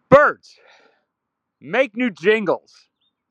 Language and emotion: English, sad